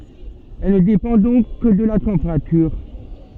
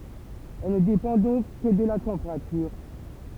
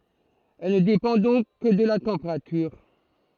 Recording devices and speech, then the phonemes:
soft in-ear microphone, temple vibration pickup, throat microphone, read sentence
ɛl nə depɑ̃ dɔ̃k kə də la tɑ̃peʁatyʁ

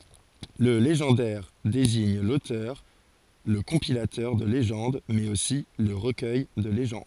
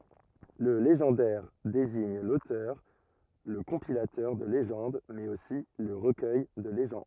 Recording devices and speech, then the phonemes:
forehead accelerometer, rigid in-ear microphone, read sentence
lə leʒɑ̃dɛʁ deziɲ lotœʁ lə kɔ̃pilatœʁ də leʒɑ̃d mɛz osi lə ʁəkœj də leʒɑ̃d

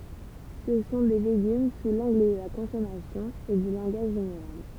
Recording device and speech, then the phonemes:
temple vibration pickup, read sentence
sə sɔ̃ de leɡym su lɑ̃ɡl də la kɔ̃sɔmasjɔ̃ e dy lɑ̃ɡaʒ ʒeneʁal

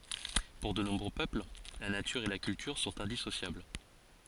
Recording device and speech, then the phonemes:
forehead accelerometer, read sentence
puʁ də nɔ̃bʁø pøpl la natyʁ e la kyltyʁ sɔ̃t ɛ̃disosjabl

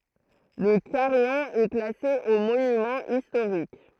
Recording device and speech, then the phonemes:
throat microphone, read sentence
lə kaʁijɔ̃ ɛ klase o monymɑ̃z istoʁik

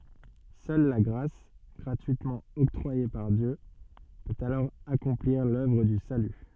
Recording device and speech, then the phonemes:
soft in-ear microphone, read sentence
sœl la ɡʁas ɡʁatyitmɑ̃ ɔktʁwaje paʁ djø pøt alɔʁ akɔ̃pliʁ lœvʁ dy saly

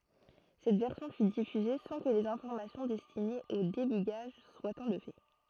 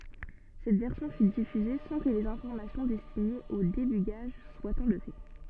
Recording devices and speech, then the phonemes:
throat microphone, soft in-ear microphone, read sentence
sɛt vɛʁsjɔ̃ fy difyze sɑ̃ kə lez ɛ̃fɔʁmasjɔ̃ dɛstinez o debyɡaʒ swat ɑ̃lve

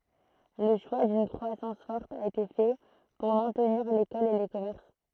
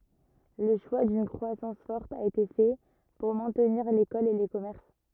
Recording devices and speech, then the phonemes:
throat microphone, rigid in-ear microphone, read sentence
lə ʃwa dyn kʁwasɑ̃s fɔʁt a ete fɛ puʁ mɛ̃tniʁ lekɔl e le kɔmɛʁs

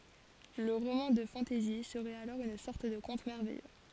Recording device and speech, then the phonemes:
forehead accelerometer, read sentence
lə ʁomɑ̃ də fɑ̃tɛzi səʁɛt alɔʁ yn sɔʁt də kɔ̃t mɛʁvɛjø

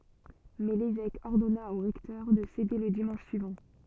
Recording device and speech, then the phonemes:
soft in-ear microphone, read sentence
mɛ levɛk ɔʁdɔna o ʁɛktœʁ də sede lə dimɑ̃ʃ syivɑ̃

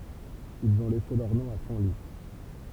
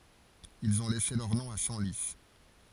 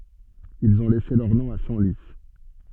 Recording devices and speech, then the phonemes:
temple vibration pickup, forehead accelerometer, soft in-ear microphone, read sentence
ilz ɔ̃ lɛse lœʁ nɔ̃ a sɑ̃li

